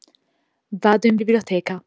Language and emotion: Italian, neutral